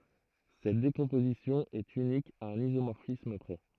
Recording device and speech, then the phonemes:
throat microphone, read sentence
sɛt dekɔ̃pozisjɔ̃ ɛt ynik a œ̃n izomɔʁfism pʁɛ

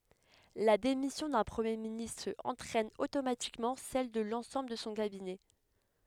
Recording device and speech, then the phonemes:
headset microphone, read sentence
la demisjɔ̃ dœ̃ pʁəmje ministʁ ɑ̃tʁɛn otomatikmɑ̃ sɛl də lɑ̃sɑ̃bl də sɔ̃ kabinɛ

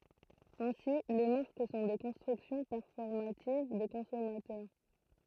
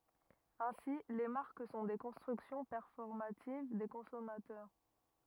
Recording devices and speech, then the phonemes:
throat microphone, rigid in-ear microphone, read sentence
ɛ̃si le maʁk sɔ̃ de kɔ̃stʁyksjɔ̃ pɛʁfɔʁmativ de kɔ̃sɔmatœʁ

